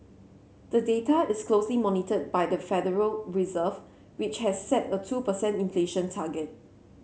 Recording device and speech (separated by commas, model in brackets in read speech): mobile phone (Samsung C7), read sentence